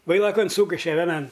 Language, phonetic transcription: Lithuanian, ˈvailakan ˈsūkiše veˈnan

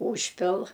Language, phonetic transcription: Lithuanian, ˈūžpil

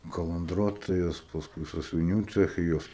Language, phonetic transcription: Lithuanian, kalanˈdruotojos pasˈkui sąsiuviˈnių ˈceche ˈjos

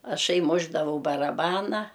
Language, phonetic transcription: Lithuanian, aˈšai ˈmušdavau baraˈbana

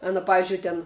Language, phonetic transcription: Lithuanian, ˈana ˈpavizdžiui ten

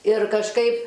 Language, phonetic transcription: Lithuanian, ir kažˈkaip

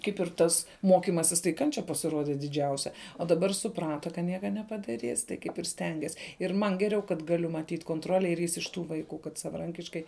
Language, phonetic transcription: Lithuanian, ˈkaip ir ˈtas ˈmokimasis tai ˈkančia pasiˈrode diˈdžiausia o daˈbar suˈprata ka ˈnieka nepadaˈrys tai ˈkaip ir ˈstengias ir ˈman ˈgeriau kad ˈgaliu matyt' konˈtrole ir ˈjis iš ˈtų vaiˈkų kad savaˈrankiškai

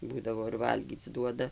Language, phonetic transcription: Lithuanian, ˈbūdavo ir ˈvalgyc ˈduoda

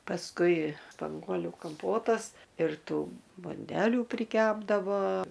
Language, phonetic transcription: Lithuanian, pasˈkui spanˈguoliu kamˈpotas ir ˈtų bunˈdelių priˈkepdavo

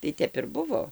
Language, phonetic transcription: Lithuanian, tai ˈtep ir ˈbuvo

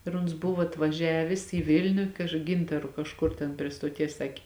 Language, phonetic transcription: Lithuanian, ir uns ˈbuvo atvaˈžiavės į ˈvilniu kaž ˈgintaru kažˈkur ten prie stoˈties ˈsakė

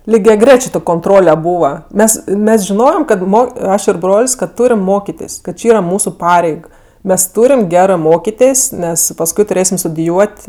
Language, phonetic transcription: Lithuanian, ligiaˈgrečė konˈtrole ˈbūva ˈmes ˈmes žiˈnojem ˈkad ˈmo ˈaš ir ˈbrol's' kad ˈtūrim ˈmokitis kad ˈči ˈyra ˈmūsu ˈpareig ˈmes ˈtūrim ˈgerɜ ˈmokitės' ˈnes pasˈkui tuˈrėsim studiˈjuot'

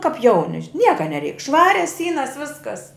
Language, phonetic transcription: Lithuanian, kap ˈjauni ˈnieka neˈreik ˈšvarias ˈsynas ˈviskas

